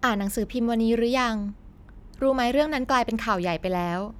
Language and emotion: Thai, neutral